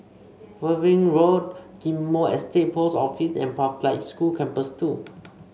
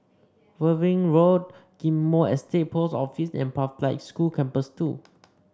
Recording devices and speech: mobile phone (Samsung C5), standing microphone (AKG C214), read sentence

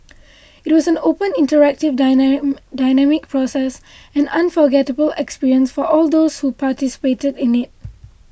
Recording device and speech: boundary microphone (BM630), read sentence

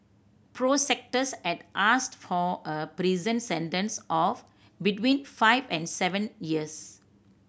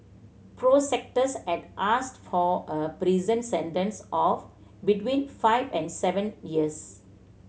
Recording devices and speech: boundary microphone (BM630), mobile phone (Samsung C7100), read sentence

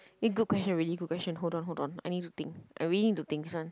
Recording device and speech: close-talking microphone, conversation in the same room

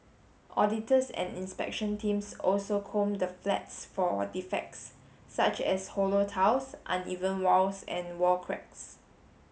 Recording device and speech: mobile phone (Samsung S8), read sentence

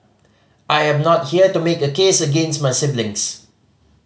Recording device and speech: mobile phone (Samsung C5010), read sentence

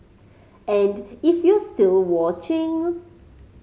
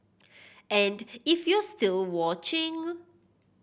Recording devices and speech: mobile phone (Samsung C5010), boundary microphone (BM630), read sentence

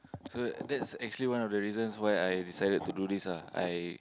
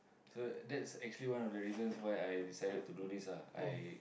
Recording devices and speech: close-talking microphone, boundary microphone, conversation in the same room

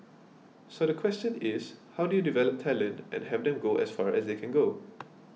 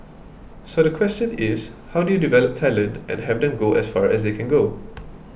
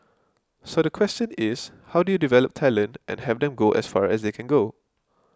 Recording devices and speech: mobile phone (iPhone 6), boundary microphone (BM630), close-talking microphone (WH20), read sentence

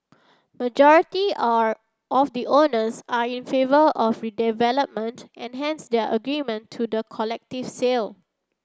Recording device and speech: standing microphone (AKG C214), read sentence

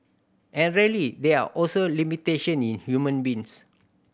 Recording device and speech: boundary microphone (BM630), read sentence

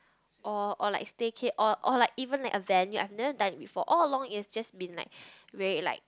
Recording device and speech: close-talking microphone, conversation in the same room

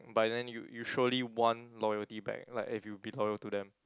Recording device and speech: close-talking microphone, conversation in the same room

